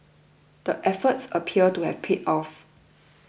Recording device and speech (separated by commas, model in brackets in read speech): boundary microphone (BM630), read sentence